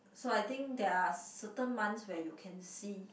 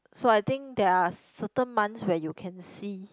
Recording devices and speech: boundary microphone, close-talking microphone, conversation in the same room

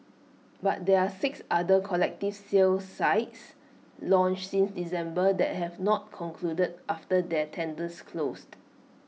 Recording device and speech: mobile phone (iPhone 6), read sentence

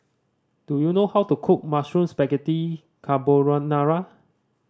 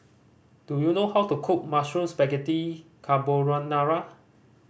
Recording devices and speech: standing microphone (AKG C214), boundary microphone (BM630), read sentence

